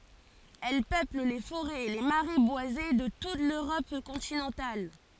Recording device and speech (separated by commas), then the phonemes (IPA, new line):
forehead accelerometer, read sentence
ɛl pøpl le foʁɛz e le maʁɛ bwaze də tut løʁɔp kɔ̃tinɑ̃tal